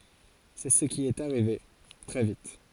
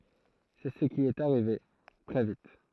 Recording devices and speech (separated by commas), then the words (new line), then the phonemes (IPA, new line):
forehead accelerometer, throat microphone, read sentence
C'est ce qui est arrivé, très vite.
sɛ sə ki ɛt aʁive tʁɛ vit